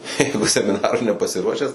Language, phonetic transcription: Lithuanian, ˈjeigu semiˈnarui nepasiˈruošęs

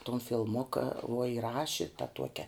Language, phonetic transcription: Lithuanian, ton filˈmuka uo iˈraši ta ˈtuokia

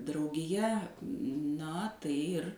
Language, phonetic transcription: Lithuanian, draugiˈja ˈna ˈtai ir

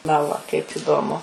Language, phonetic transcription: Lithuanian, na ˈva kaip ˈįdomu

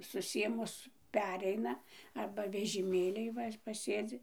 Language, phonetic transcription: Lithuanian, suˈsėmus ˈpereina ˈarba vežiˈmėlyj ˈva paˈsėdzi

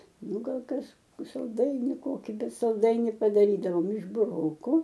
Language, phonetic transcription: Lithuanian, ˈnu ˈgal ˈkas salˈdaini ˈkoki ˈbet salˈdaini padaˈrydavom iš buˈroku

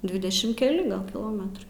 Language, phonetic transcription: Lithuanian, ˈdvidešim keˈli ˈgal kiˈlometrai

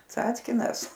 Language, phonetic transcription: Lithuanian, ˈcackinas

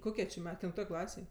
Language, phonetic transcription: Lithuanian, ˈkokie či ˈme kelinˈtoj ˈklasėj

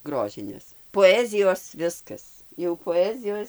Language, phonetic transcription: Lithuanian, ˈgrožinės poˈezijos ˈviskas jau poˈezijos

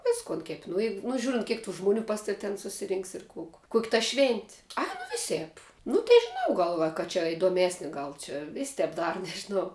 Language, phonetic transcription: Lithuanian, ˈviskun kep' nu jeig nu ˈžiūrint ˈkiek tų žmuˈnių ˈpas tav' ten susiˈrinks ir kuk kuk' ta švent' ˈai nu ˈvisėp ˈnu tė ˈnu ˈgal va ka čia idoˈmesni ˈgal čia vės' ˈtep ˈdaru nežiˈnau

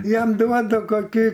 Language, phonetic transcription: Lithuanian, ˈjam ˈduodu koˈki

